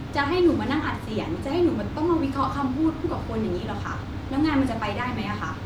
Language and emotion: Thai, frustrated